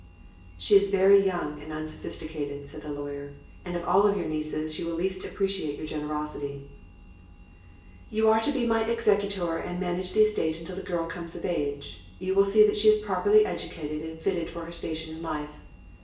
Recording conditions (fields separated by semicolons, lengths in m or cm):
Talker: one person; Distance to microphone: 1.8 m; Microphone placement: close; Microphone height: 1.0 m; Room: large; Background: none